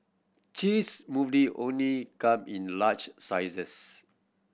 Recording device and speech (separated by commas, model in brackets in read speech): boundary microphone (BM630), read sentence